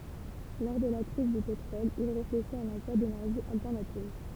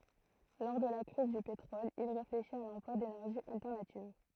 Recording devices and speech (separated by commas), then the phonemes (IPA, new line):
temple vibration pickup, throat microphone, read sentence
lɔʁ də la kʁiz dy petʁɔl il ʁefleʃit a lɑ̃plwa denɛʁʒiz altɛʁnativ